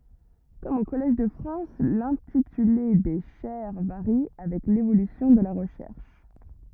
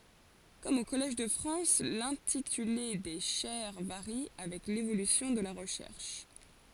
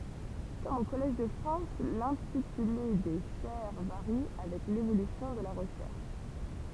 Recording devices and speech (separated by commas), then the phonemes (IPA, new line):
rigid in-ear microphone, forehead accelerometer, temple vibration pickup, read sentence
kɔm o kɔlɛʒ də fʁɑ̃s lɛ̃tityle de ʃɛʁ vaʁi avɛk levolysjɔ̃ də la ʁəʃɛʁʃ